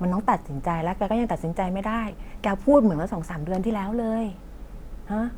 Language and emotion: Thai, frustrated